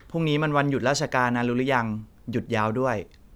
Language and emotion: Thai, neutral